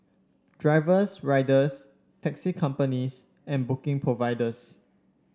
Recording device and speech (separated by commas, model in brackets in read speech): standing microphone (AKG C214), read sentence